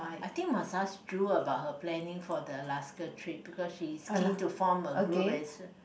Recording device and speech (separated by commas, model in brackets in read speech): boundary microphone, conversation in the same room